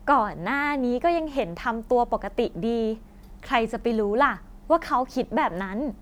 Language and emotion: Thai, happy